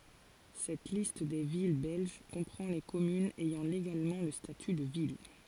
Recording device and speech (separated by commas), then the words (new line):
forehead accelerometer, read sentence
Cette liste des villes belges comprend les communes ayant légalement le statut de ville.